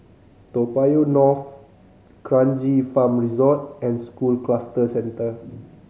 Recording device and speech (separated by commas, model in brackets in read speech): mobile phone (Samsung C5010), read sentence